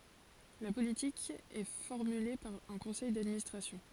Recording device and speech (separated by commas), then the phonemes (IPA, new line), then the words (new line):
forehead accelerometer, read sentence
la politik ɛ fɔʁmyle paʁ œ̃ kɔ̃sɛj dadministʁasjɔ̃
La politique est formulée par un conseil d'administration.